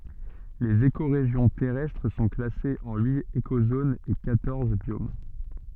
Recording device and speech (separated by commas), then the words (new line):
soft in-ear microphone, read sentence
Les écorégions terrestres sont classées en huit écozones et quatorze biomes.